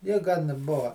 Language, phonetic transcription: Lithuanian, ˈji gan ˈbuva

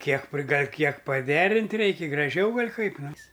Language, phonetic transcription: Lithuanian, ˈkiek priˈgal' ˈkiek paˈderint' ˈreiki graˈžiau ˈgal' ˈkaip ˈnes

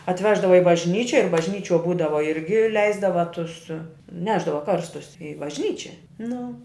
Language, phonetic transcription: Lithuanian, atˈveždava i bažˈnyči ir bažˈnyčiuo ˈbūdava ˈirgi ˈleisdava ˈtus ˈnešdava ˈkarstus i bažˈnyčia ˈnu

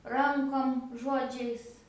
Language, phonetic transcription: Lithuanian, ˈrankom ˈžodžiais

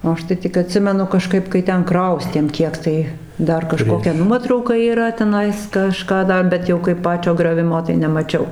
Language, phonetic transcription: Lithuanian, o ˈaš tai ˈtik aˈtsimenu kaˈžkaip kai ˈten ˈkraustėm ˈkiek tai ˈdar kaˈžkokia ˈnuotrauka yˈra teˈnais kaˈžką ˈda ˈbet jau kaip ˈpačio grioˈvimo tai nemaˈčiau

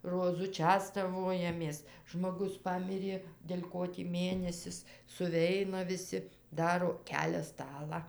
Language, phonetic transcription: Lithuanian, roˈzu ˈčestavojamės žmoˈgus ˈpamirė del' ˈko tį ˈmėnesis suˈveina viˈsi ˈdaro ˈkelia ˈstalą

